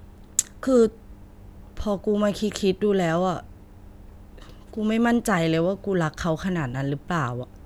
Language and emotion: Thai, frustrated